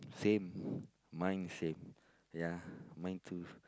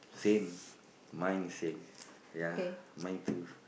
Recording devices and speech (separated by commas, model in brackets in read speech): close-talking microphone, boundary microphone, conversation in the same room